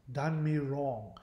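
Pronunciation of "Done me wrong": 'Done me wrong' is said in an upper-class modern British accent.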